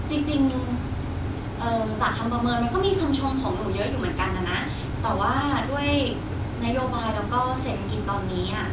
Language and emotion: Thai, frustrated